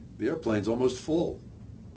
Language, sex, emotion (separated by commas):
English, male, neutral